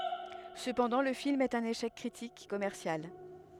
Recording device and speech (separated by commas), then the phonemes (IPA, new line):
headset microphone, read sentence
səpɑ̃dɑ̃ lə film ɛt œ̃n eʃɛk kʁitik e kɔmɛʁsjal